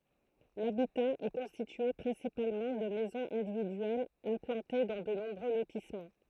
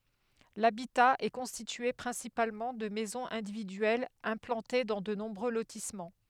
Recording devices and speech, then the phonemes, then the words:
throat microphone, headset microphone, read sentence
labita ɛ kɔ̃stitye pʁɛ̃sipalmɑ̃ də mɛzɔ̃z ɛ̃dividyɛlz ɛ̃plɑ̃te dɑ̃ də nɔ̃bʁø lotismɑ̃
L'habitat est constitué principalement de maisons individuelles implantées dans de nombreux lotissements.

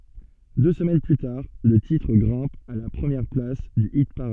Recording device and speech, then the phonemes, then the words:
soft in-ear microphone, read sentence
dø səmɛn ply taʁ lə titʁ ɡʁɛ̃p a la pʁəmjɛʁ plas dy ipaʁad
Deux semaines plus tard, le titre grimpe à la première place du hit-parade.

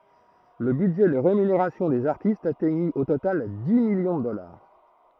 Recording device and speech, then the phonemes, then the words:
throat microphone, read sentence
lə bydʒɛ də ʁemyneʁasjɔ̃ dez aʁtistz atɛɲi o total di miljɔ̃ də dɔlaʁ
Le budget de rémunération des artistes atteignit au total dix millions de dollars.

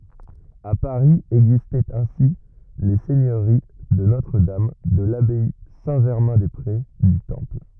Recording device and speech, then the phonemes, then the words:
rigid in-ear microphone, read sentence
a paʁi ɛɡzistɛt ɛ̃si le sɛɲøʁi də notʁədam də labaj sɛ̃tʒɛʁmɛ̃dɛspʁe dy tɑ̃pl
À Paris existaient ainsi les seigneuries de Notre-Dame, de l’abbaye Saint-Germain-des-Prés, du Temple...

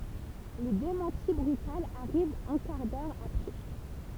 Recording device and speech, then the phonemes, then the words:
temple vibration pickup, read sentence
lə demɑ̃ti bʁytal aʁiv œ̃ kaʁ dœʁ apʁɛ
Le démenti brutal arrive un quart d'heure après.

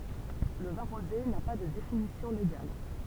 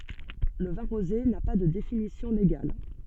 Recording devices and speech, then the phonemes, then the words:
temple vibration pickup, soft in-ear microphone, read sentence
lə vɛ̃ ʁoze na pa də definisjɔ̃ leɡal
Le vin rosé n'a pas de définition légale.

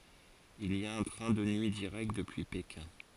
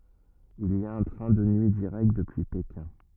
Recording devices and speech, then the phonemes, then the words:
forehead accelerometer, rigid in-ear microphone, read sentence
il i a œ̃ tʁɛ̃ də nyi diʁɛkt dəpyi pekɛ̃
Il y a un train de nuit direct depuis Pékin.

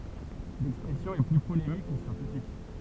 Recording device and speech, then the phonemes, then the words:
temple vibration pickup, read sentence
lɛkspʁɛsjɔ̃ ɛ ply polemik kə sjɑ̃tifik
L'expression est plus polémique que scientifique.

